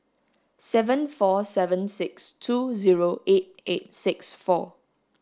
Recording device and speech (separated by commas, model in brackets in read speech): standing microphone (AKG C214), read sentence